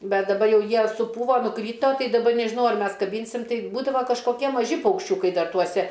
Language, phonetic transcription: Lithuanian, ˈbet daˈba ˈjau ˈjie suˈpūvo nuˈkryto ˈtai daˈba nežiˈnau ar ˈmes kaˈbynsim ˈtai ˈbūdavo kažkoˈkie maˈži paukšˈčiukai ˈdar tuoˈse

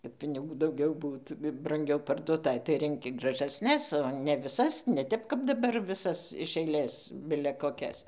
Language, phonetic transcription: Lithuanian, kad piniˈgų dauˈgiau ˈbūt branˈgiau parduoˈtai tai renˈki graˈžasnes o ne viˈsas ne ˈtep kap daˈbar viˈsas iš aiˈlės ˈbile koˈkias

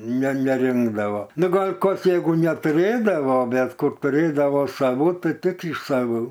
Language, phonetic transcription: Lithuanian, ne neˈrinkdavo ˈnu ˈgol' ˈkas ˈjeigu netuˈrėdavo ˈbet ˈkur tuˈrėdavo saˈvų ˈtai ˈtik iš saˈvų

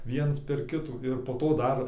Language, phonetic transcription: Lithuanian, ˈviens per ˈkitų ir po ˈto ˈdar

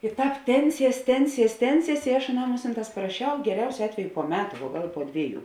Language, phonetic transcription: Lithuanian, i ˈtāp ˈtenˌsies ˈtenˌsies ˈtenˌsies i aš aˈnam ˈmusinˌtās paraˈšiau geˈriausio ˈatveju po ˈmetu vuo ˈgal po ˈdvieˌjų

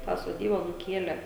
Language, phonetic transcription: Lithuanian, tą soˈdyba nuˈkielė

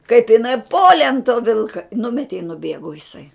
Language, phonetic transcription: Lithuanian, kaip iˈnai ˈpolė an to ˈvilka ˈnumeti i nuˈbėgu iˈsai

